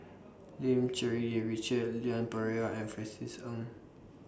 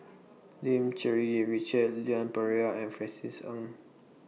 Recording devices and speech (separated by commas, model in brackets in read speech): standing microphone (AKG C214), mobile phone (iPhone 6), read sentence